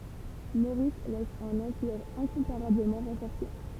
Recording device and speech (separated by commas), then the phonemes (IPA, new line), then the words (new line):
temple vibration pickup, read sentence
moʁis lɛs œ̃n ɑ̃piʁ ɛ̃kɔ̃paʁabləmɑ̃ ʁɑ̃fɔʁse
Maurice laisse un empire incomparablement renforcé.